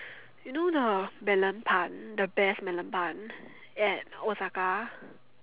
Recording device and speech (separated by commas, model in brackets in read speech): telephone, conversation in separate rooms